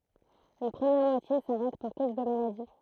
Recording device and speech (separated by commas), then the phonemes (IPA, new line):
throat microphone, read sentence
yn pʁəmjɛʁ mwatje saʁɛt puʁ koz də maladi